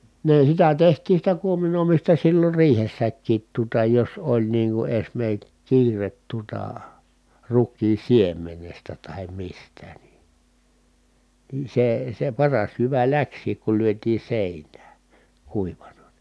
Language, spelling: Finnish, ne sitä tehtiin sitä kuominoimista silloin riihessäkin tuota jos oli niin kuin - kiire tuota rukiin siemenestä tai mistä niin niin se se paras jyvä lähtikin kun lyötiin seinään kuivana niin
- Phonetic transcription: nè sitä tehtiin̬ sitä kuominòimista sillor riihessäkkiit tuᵒta jos oĺ niiŋ ku eśme(r)k- kiiret tuota , ruk̆kiin̬ siem̆menestä tahem mistä ni , nii see , se paras jyvä läks̀iik kul lyötii sèinää , kuivana NI .

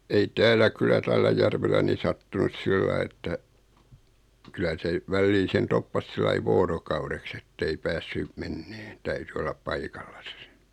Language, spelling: Finnish, ei täällä kyllä tällä järvellä niin sattunut sillä lailla että kyllä se väliin sen toppasi sillä lailla vuorokaudeksi että ei päässyt menemään täytyi olla paikallaan se
- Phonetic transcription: ei 'täällä kyllä "tällä järvellä ni 'sattunus "sillai että , 'kylä se , 'vällii sen 'toppas sillai "voorokaureks ‿ettei 'päässy , "menneen , 'täyty ollap "paikallasᴀ se .

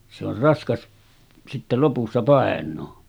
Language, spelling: Finnish, se on raskas sitten lopussa painaa
- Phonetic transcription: se ‿or 'raskas , sitte 'lopussa 'pàen̆noo .

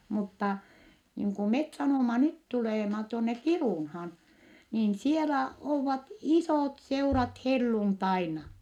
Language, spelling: Finnish, mutta niin kuin me sanomme nyt tulemme tuonne Kiirunaan niin siellä ovat isotseurat helluntaina
- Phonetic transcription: muttà , niiŋ ku met sanòma nyt tulèma , tuonne Kirùnhaan , niin sielä oovat isòtseurat helluntaina .

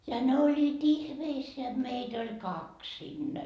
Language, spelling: Finnish, ja ne olivat ihmeissään jotta meitä oli kaksi siinä
- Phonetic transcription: ja 'ne oĺĺiit "ihmeisseä jot 'meit ‿oĺ "kaks sinnä .

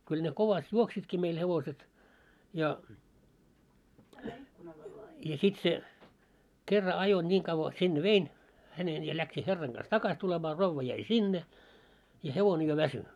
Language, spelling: Finnish, kyllä ne kovasti juoksivatkin meillä hevoset ja ja sitten se kerran ajoi niin kauan sinne vein hänen ja lähti herran kanssa takaisin tulemaan rouva jäi sinne ja hevonen jo väsyi
- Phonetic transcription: kyl ne 'kovast 'juoksitki meil 'hevoset , ja , ja sit se , 'kerra ajo ńiiŋ kavva sinne "vein , hänen ja läksi 'herraŋ ɢas "takas 'tulemaa 'rovva jäi "sinne , ja 'hevone jo "väsy .

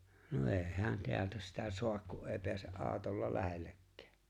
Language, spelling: Finnish, no ei hän täältä sitä saa kun ei pääse autolla lähellekään
- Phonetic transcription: no '’e̬e̬ "hᵉän 'teältä sitä 'soak ku’ '’ee peäse’ '’aaᵒtolla "lähellekkᴀ̈ᴀ̈ .

